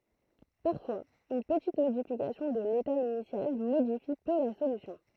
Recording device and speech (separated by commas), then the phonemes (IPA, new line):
throat microphone, read sentence
paʁfwaz yn pətit modifikasjɔ̃ də leta inisjal modifi pø la solysjɔ̃